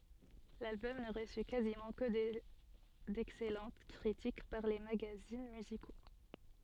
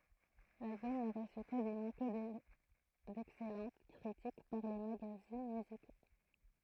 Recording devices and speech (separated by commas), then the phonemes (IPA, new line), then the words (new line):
soft in-ear microphone, throat microphone, read sentence
lalbɔm nə ʁəsy kazimɑ̃ kə dɛksɛlɑ̃t kʁitik paʁ le maɡazin myziko
L'album ne reçut quasiment que d'excellentes critiques par les magazines musicaux.